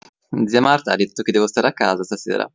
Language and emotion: Italian, neutral